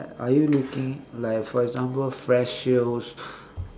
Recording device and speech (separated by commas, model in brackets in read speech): standing microphone, conversation in separate rooms